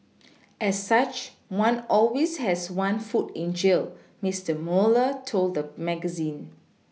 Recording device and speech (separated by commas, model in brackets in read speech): mobile phone (iPhone 6), read sentence